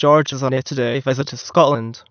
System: TTS, waveform concatenation